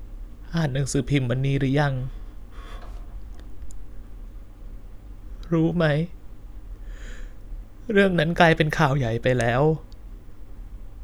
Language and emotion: Thai, sad